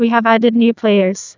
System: TTS, neural waveform model